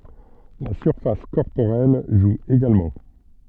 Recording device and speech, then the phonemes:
soft in-ear microphone, read sentence
la syʁfas kɔʁpoʁɛl ʒu eɡalmɑ̃

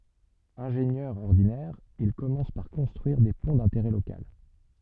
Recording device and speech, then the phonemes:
soft in-ear microphone, read sentence
ɛ̃ʒenjœʁ ɔʁdinɛʁ il kɔmɑ̃s paʁ kɔ̃stʁyiʁ de pɔ̃ dɛ̃teʁɛ lokal

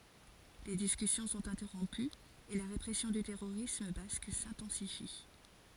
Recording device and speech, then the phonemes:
forehead accelerometer, read sentence
le diskysjɔ̃ sɔ̃t ɛ̃tɛʁɔ̃pyz e la ʁepʁɛsjɔ̃ dy tɛʁoʁism bask sɛ̃tɑ̃sifi

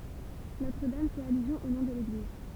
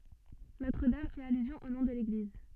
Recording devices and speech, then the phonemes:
temple vibration pickup, soft in-ear microphone, read sentence
notʁ dam fɛt alyzjɔ̃ o nɔ̃ də leɡliz

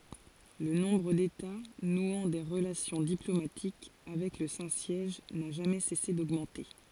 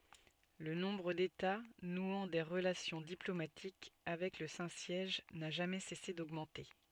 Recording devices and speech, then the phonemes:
forehead accelerometer, soft in-ear microphone, read sentence
lə nɔ̃bʁ deta nwɑ̃ de ʁəlasjɔ̃ diplomatik avɛk lə sɛ̃ sjɛʒ na ʒamɛ sɛse doɡmɑ̃te

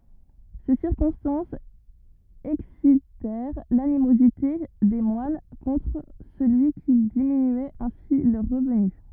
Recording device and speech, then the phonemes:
rigid in-ear microphone, read sentence
se siʁkɔ̃stɑ̃sz ɛksitɛʁ lanimozite de mwan kɔ̃tʁ səlyi ki diminyɛt ɛ̃si lœʁ ʁəvny

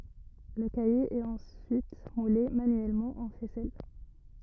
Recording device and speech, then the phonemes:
rigid in-ear microphone, read sentence
lə kaje ɛt ɑ̃syit mule manyɛlmɑ̃ ɑ̃ fɛsɛl

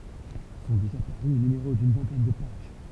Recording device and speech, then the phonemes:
temple vibration pickup, read sentence
sɔ̃ deʒa paʁy nymeʁo dyn vɛ̃tɛn də paʒ

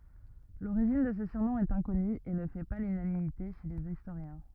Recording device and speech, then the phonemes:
rigid in-ear microphone, read sentence
loʁiʒin də sə syʁnɔ̃ ɛt ɛ̃kɔny e nə fɛ pa lynanimite ʃe lez istoʁjɛ̃

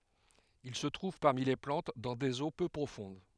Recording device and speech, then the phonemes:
headset microphone, read sentence
il sə tʁuv paʁmi le plɑ̃t dɑ̃ dez o pø pʁofɔ̃d

